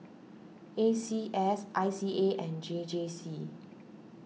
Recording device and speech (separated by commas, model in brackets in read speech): mobile phone (iPhone 6), read sentence